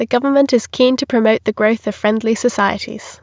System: none